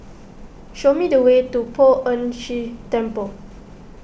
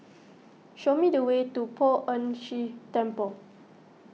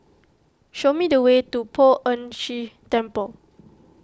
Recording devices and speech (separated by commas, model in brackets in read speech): boundary microphone (BM630), mobile phone (iPhone 6), close-talking microphone (WH20), read sentence